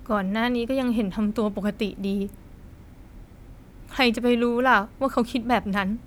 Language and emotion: Thai, sad